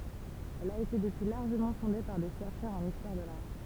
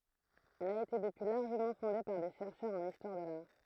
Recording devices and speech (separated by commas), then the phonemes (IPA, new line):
temple vibration pickup, throat microphone, read sentence
ɛl a ete dəpyi laʁʒəmɑ̃ fɔ̃de paʁ de ʃɛʁʃœʁz ɑ̃n istwaʁ də laʁ